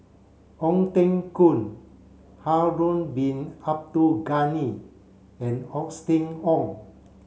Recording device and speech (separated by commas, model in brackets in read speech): mobile phone (Samsung C7), read sentence